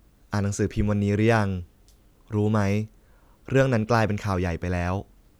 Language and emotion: Thai, neutral